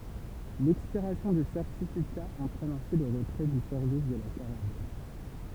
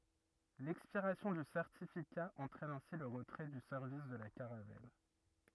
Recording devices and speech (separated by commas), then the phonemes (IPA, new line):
temple vibration pickup, rigid in-ear microphone, read sentence
lɛkspiʁasjɔ̃ dy sɛʁtifika ɑ̃tʁɛn ɛ̃si lə ʁətʁɛ dy sɛʁvis də la kaʁavɛl